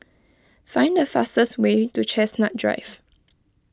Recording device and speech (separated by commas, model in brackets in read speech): close-talking microphone (WH20), read sentence